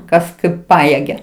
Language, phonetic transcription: Lithuanian, ˈkas ˈkaip ˈpajėgia

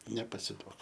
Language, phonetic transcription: Lithuanian, nepasiˈduok

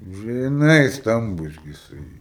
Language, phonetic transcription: Lithuanian, žiˈnai ˈstambus gi jiˈsai

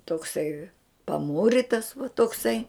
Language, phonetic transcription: Lithuanian, tokˈsai paˈmūritas va tokˈsai

